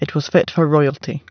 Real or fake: real